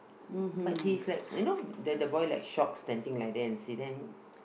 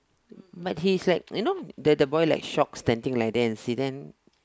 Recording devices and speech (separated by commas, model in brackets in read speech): boundary microphone, close-talking microphone, conversation in the same room